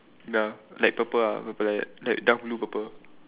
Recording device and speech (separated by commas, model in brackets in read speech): telephone, conversation in separate rooms